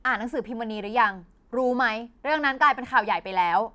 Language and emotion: Thai, frustrated